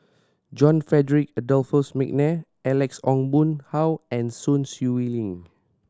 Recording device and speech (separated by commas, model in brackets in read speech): standing microphone (AKG C214), read sentence